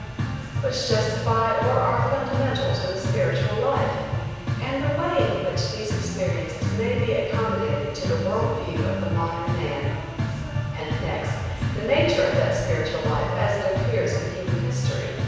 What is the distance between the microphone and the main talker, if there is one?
7.1 m.